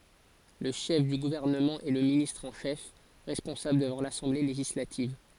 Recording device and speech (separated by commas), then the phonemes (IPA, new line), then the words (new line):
forehead accelerometer, read sentence
lə ʃɛf dy ɡuvɛʁnəmɑ̃ ɛ lə ministʁ ɑ̃ ʃɛf ʁɛspɔ̃sabl dəvɑ̃ lasɑ̃ble leʒislativ
Le chef du gouvernement est le ministre en chef, responsable devant l'Assemblée législative.